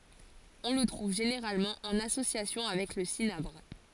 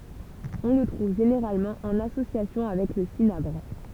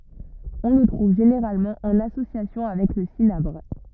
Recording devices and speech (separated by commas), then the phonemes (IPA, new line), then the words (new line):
forehead accelerometer, temple vibration pickup, rigid in-ear microphone, read sentence
ɔ̃ lə tʁuv ʒeneʁalmɑ̃ ɑ̃n asosjasjɔ̃ avɛk lə sinabʁ
On le trouve généralement en association avec le cinabre.